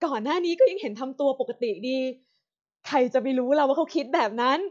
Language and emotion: Thai, sad